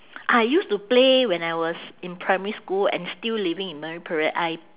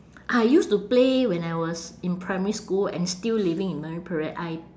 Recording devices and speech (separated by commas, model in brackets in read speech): telephone, standing microphone, conversation in separate rooms